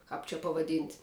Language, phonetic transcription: Lithuanian, kāp čia pavaˈdyn't'

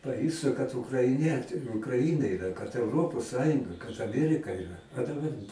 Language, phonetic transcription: Lithuanian, paˈjustu kad ukraiˈniet ukraˈina iˈra kad euˈropos ˈsąjunga kad aˈmierika iˈra a daˈbar

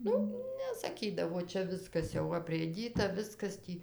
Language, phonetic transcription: Lithuanian, ˈnu nesaˈkydavo ˈčia ˈviskas jau aprėˈdyta ˈviskas ˈtį

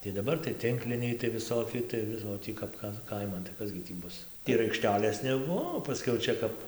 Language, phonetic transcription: Lithuanian, tai daˈbar tai ˈtinkliniai tai viˈsoki tai ˈvis o ˈtį kap ˈtan ˈkaiman tai ˈkas gi ˈtį ˈbus ir aikˈštelės neˈbuo o paˈskiau ˈčia kap

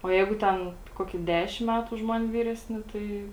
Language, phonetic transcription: Lithuanian, o ˈjeigu ˈten ˈkokį ˈdešim ˈmætu už ˈman' ˈvyresˌni ˈtai

